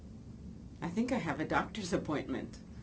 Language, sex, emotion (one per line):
English
female
neutral